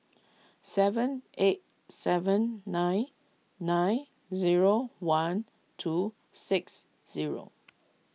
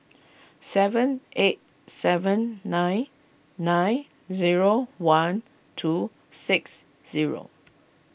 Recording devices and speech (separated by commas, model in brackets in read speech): mobile phone (iPhone 6), boundary microphone (BM630), read sentence